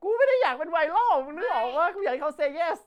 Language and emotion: Thai, happy